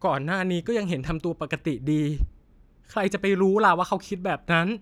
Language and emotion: Thai, sad